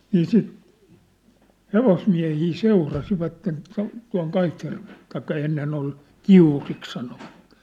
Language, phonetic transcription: Finnish, nii sìt , "hevosmiä̭hii "seurasivatten , tua̭n , tua̭ŋ 'Kaitjärvᴇʟʟᴇ , taikka 'ennen ‿ol , "Kiurik sanovat .
- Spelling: niin sitten hevosmiehiä seurasivat tuonne tuonne Kaitjärvelle tai ennen oli Kiuriksi sanoivat

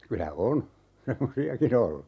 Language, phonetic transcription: Finnish, 'kylä "on , "semmosi₍aki'n ‿ollu .
- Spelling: kyllä on semmoisiakin ollut

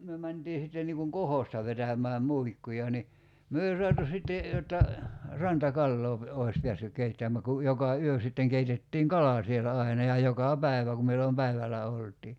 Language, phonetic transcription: Finnish, myö 'mäntii sitten niiŋ kuŋ "kohosta vetäm̀ää 'muikkuja ni , 'myö ei 'suatu sitte , jotta , 'ranta"kalloo pe- , 'oi̬s pḙässyk 'keittäm̀ä ku , 'joka "yö sitteŋ 'keitettiiŋ "kala sielä 'aina ja 'joka "päi̬vä ku millom 'päivälä olt̀ii .
- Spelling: me mentiin sitten niin kuin kohosta vetämään muikkuja niin me ei saatu sitten jotta rantakalaa - olisi päässyt keittämään kun joka yö sitten keitettiin kala siellä aina ja joka päivä kun milloin päivällä oltiin

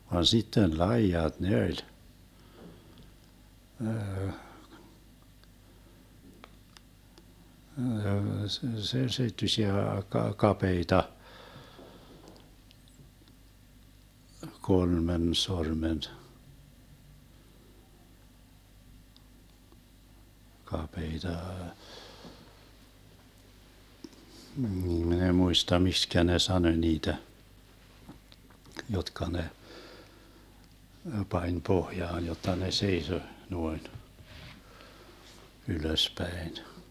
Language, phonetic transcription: Finnish, van 'sitten "laijat ne oĺ , se- 'seittysiä ka- 'kapeita , 'kolmen 'sormen , 'kapeita , min ‿eⁱ 'muista 'mikskä ne "sanoⁱ 'niitä , 'jotka ne , 'pań "pohjaan jotta ne 'seiso , 'nuoin , 'ylöspäen .
- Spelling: vaan sitten laidat ne oli - seittyisiä - kapeita kolmen sormen kapeita minä en muista miksi ne sanoi niitä jotka ne pani pohjaan jotta ne seisoi noin ylöspäin

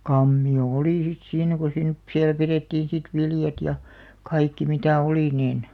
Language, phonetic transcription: Finnish, 'kammi₍o "olì sit 'siinä ko siin- , "siäl 'pirèttiin̬ sit 'viljat ja , 'kaikki mitä̀ 'olì niin ,.
- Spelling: kammio oli sitten siinä kun - siellä pidettiin sitten viljat ja kaikki mitä oli niin

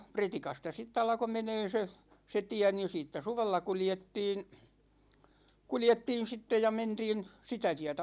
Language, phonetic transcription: Finnish, 'Pretikasta 'sitt ‿alko 'menee se , se 'tiä ni 'siittä "suvella 'kuljettiin̬ , "kuljettiin̬ 'sitte ja 'mentiin , 'sitä tiätä .
- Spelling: Pretikasta sitten alkoi menemään se se tie niin siitä suvella kuljettiin kuljettiin sitten ja mentiin sitä tietä

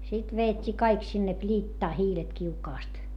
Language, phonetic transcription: Finnish, sit veet́t́ii kaik sinne pliittaa hiilet kiukaast .
- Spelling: sitten vedettiin kaikki sinne pliittaan hiilet kiukaasta

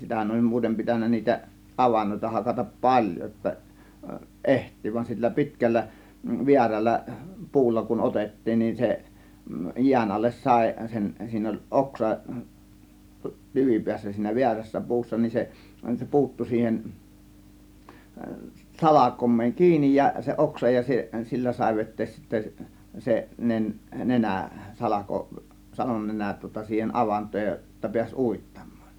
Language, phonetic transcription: Finnish, 'sitähän oĺ "muutem 'pitännä niitä "ˀavannòita 'hakatap "paĺjo jotta , "ˀeht̀ii vain sillä "pi̬tkällä , "viäräl̆lä , "pu̬ulla kun "ˀotettiin ni 'se , 'jiän alles "sàė sen , siin ‿oĺ "ˀoksa , 'tyvipiässä siinä "viärässä "pu̬ussa nin 'se , se 'pu̬uttu siihen , "salakom̆meeŋ "kiinij ja , se 'oksa ja se , 'sillä sàė 'vet̆tees sittä , 'se , 'nen- , 'nenä , salako , 'salonnenän tŭŏta siihen "ˀavant̆tooj jo- , jotta piäś "ùittAM̆MAAN .
- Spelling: sitähän oli muuten pitänyt niitä avantoja hakata paljon jotta ehtii vain sillä pitkällä väärällä puulla kun otettiin niin se jään alle sai sen siinä oli oksa tyvipäässä siinä väärässä puussa niin se se puuttui siihen salkoon kiinni ja se oksa ja se sillä sai veteen sitten se - nenä salko salonnenän tuota siihen avantoon - jotta pääsi uittamaan

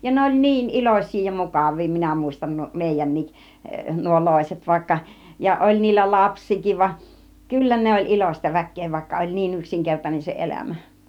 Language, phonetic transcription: Finnish, ja 'ne oĺ 'niin "ilos̀̆sii ja 'mukav̆vii minä mùistam 'mèijän̆nik , 'nuo "lòiset vaikka , ja 'oĺ niillä "laps̆siik̆kiiv va , "kyllä ne oĺ 'ilośta 'väk̆kee vaikka oĺ 'niin 'yksiŋkertanen se 'elämä .
- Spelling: ja ne oli niin iloisia ja mukavia minä muistan meidänkin nuo loiset vaikka ja oli niillä lapsiakin vaan kyllä ne oli iloista väkeä vaikka oli niin yksinkertainen se elämä

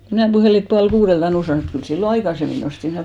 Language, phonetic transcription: Finnish, ko mnä̀ 'puhèli et pual'kuuδelt ('aluks ‿oltti) , mut kyl 'sillo "aikasemmi nosti .
- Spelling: kun minä puhelin että puoli kuudelta aluksi oltiin mutta kyllä silloin aikaisemmin noustiin

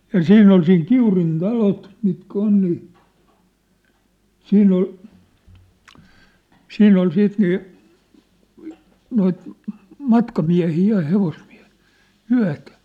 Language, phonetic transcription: Finnish, ja "siinn ‿ol siin "Kiurin "talot , mitkä 'on nii , "siinn ‿ol , "siinn ‿ol 'siit nii , noit , 'matkamiähii ja hevosmiä̭hɪɪ , "yä̭tä .
- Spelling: ja siinä oli siinä Kiurin talot mitkä on niin siinä oli siinä oli sitten niin noita matkamiehiä ja hevosmiehiä yötä

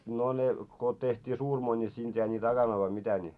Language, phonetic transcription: Finnish, no ne , ko teht́ii 'suurmoi ńi siinᴅ jäi nit 'akanoi vai mitä ńi ?
- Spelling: no ne kun tehtiin suurimoita niin siinä jäi niitä akanoita vai mitä niin

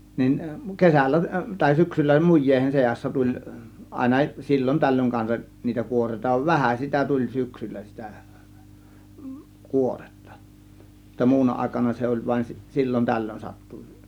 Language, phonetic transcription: Finnish, nin , 'kesällä , tàė 'syksyllä 'muj̆jèihen 'seassa 'tuĺ , 'ˀàėna 'sil͕l͕on 'tällöŋ kansaˀ , niitä 'kuor̀èĭta , "vähä sitä tuĺ "syksyllä 'sitä , "kuorEttA [jot]tta 'muuna 'àėkana se oĺ vaⁱn si- , "sil͕l͕on 'tällön sattu .
- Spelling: niin kesällä tai syksyllä muiden seassa tuli aina silloin tällöin kanssa niitä kuoreita vähän sitä tuli syksyllä sitä kuoretta jotta muuna aikana se oli vain - silloin tällöin sattui

